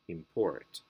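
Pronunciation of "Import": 'Import' is said as the verb, with the stress on the second syllable.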